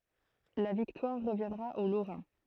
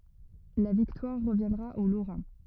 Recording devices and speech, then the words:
throat microphone, rigid in-ear microphone, read sentence
La victoire reviendra aux Lorrains.

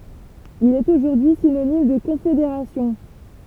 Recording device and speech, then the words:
temple vibration pickup, read sentence
Il est aujourd'hui synonyme de confédération.

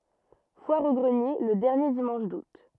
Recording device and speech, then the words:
rigid in-ear microphone, read sentence
Foire aux greniers le dernier dimanche d'août.

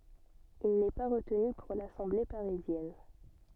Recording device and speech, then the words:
soft in-ear microphone, read sentence
Il n'est pas retenu pour l'Assemblée parisienne.

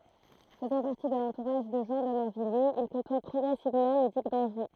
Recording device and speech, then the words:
throat microphone, read sentence
Faisant partie de l'entourage de Jean de Morvilliers, il côtoie progressivement le duc d'Anjou.

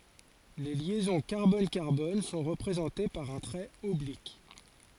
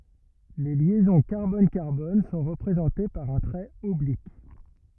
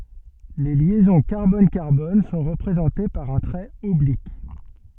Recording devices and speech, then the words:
forehead accelerometer, rigid in-ear microphone, soft in-ear microphone, read sentence
Les liaisons carbone-carbone sont représentées par un trait oblique.

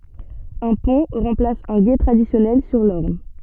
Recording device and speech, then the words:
soft in-ear microphone, read sentence
Un pont remplace un gué traditionnel sur l'Orne.

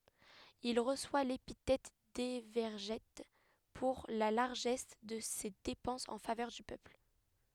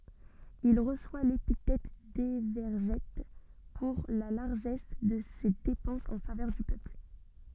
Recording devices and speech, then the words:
headset microphone, soft in-ear microphone, read sentence
Il reçoit l'épithète d'Évergète pour la largesse de ses dépenses en faveur du peuple.

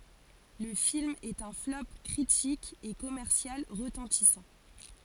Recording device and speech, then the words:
forehead accelerometer, read sentence
Le film est un flop critique et commercial retentissant.

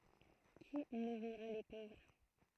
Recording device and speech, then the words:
throat microphone, read sentence
Qui nourrira les pauvres?

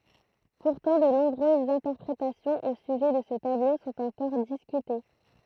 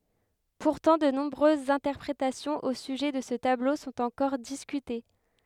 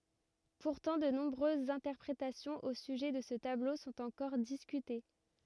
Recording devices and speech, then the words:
throat microphone, headset microphone, rigid in-ear microphone, read sentence
Pourtant, de nombreuses interprétations au sujet de ce tableau sont encore discutées.

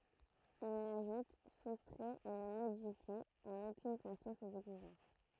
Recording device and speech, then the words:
throat microphone, read sentence
Il n'ajoute, soustrait ou ne modifie en aucune façon ces exigences.

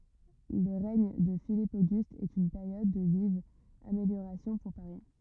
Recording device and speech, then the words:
rigid in-ear microphone, read sentence
Le règne de Philippe Auguste est une période de vives améliorations pour Paris.

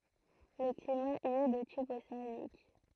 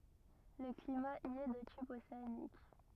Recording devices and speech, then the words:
throat microphone, rigid in-ear microphone, read sentence
Le climat y est de type océanique.

